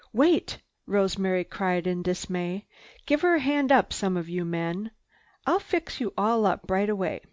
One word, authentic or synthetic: authentic